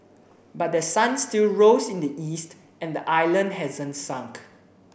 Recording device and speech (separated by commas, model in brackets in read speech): boundary microphone (BM630), read sentence